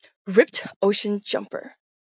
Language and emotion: English, disgusted